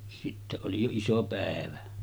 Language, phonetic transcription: Finnish, sitte oli jo 'iso 'pä̀evä .
- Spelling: sitten oli jo iso päivä

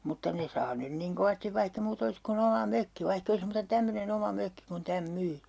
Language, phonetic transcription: Finnish, mutta 'ne saa 'nyn niŋ 'kovastiv vaihk ‿e 'muutᵃ olis ku'n ‿oma "mökki 'vaihk ‿ei olis muuta 'tämmöne'n ‿oma 'mökki kun täm 'myy .
- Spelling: mutta ne saa nyt niin kovasti vaikka ei muuta olisi kuin oma mökki vaikka ei olisi muuta tämmöinen oma mökki kun tämän myy

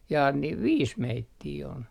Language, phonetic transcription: Finnish, jaa niiv "viis 'meittii on .
- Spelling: jaa niin viisi meitä on

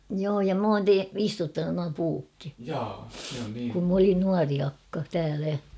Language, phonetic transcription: Finnish, joo ja 'm ‿oon te- ''istuttanun nua 'puukki , kum m ‿olin 'nuari akka , täälä .
- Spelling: joo ja minä olen - istuttanut nuo puutkin kun minä olin nuori akka täällä

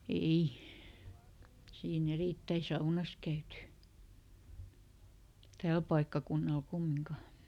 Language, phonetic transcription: Finnish, "ei , siiˈn ‿erìttäi "saunas käyty , "tääl paikkakunnal ˈkummiŋka .
- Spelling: ei siinä erittäin saunassa käyty täällä paikkakunnalla kumminkaan

